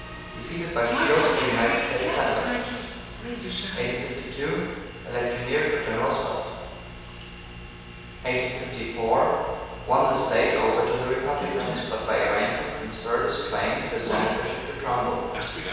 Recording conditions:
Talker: one person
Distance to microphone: 7.1 m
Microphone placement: far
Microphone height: 1.7 m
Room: very reverberant, large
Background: television

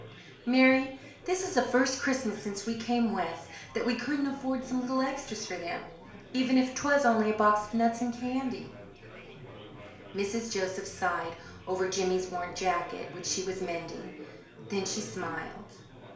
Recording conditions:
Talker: one person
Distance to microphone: 1.0 m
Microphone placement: close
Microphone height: 1.1 m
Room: small (3.7 m by 2.7 m)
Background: babble

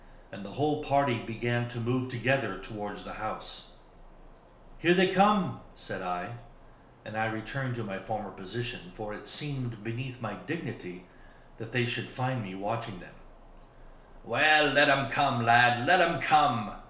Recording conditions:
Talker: one person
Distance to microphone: 1.0 m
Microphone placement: close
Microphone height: 1.1 m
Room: small (3.7 m by 2.7 m)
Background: none

